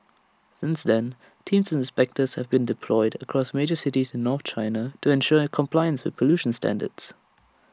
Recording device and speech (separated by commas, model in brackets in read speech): standing microphone (AKG C214), read sentence